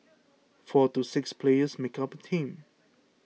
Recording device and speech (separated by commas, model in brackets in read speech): mobile phone (iPhone 6), read sentence